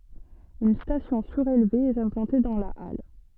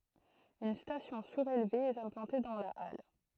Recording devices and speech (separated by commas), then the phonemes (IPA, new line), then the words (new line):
soft in-ear microphone, throat microphone, read sentence
yn stasjɔ̃ syʁelve ɛt ɛ̃plɑ̃te dɑ̃ la al
Une station surélevée est implantée dans la halle.